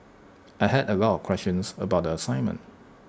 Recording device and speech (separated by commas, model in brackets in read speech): standing microphone (AKG C214), read sentence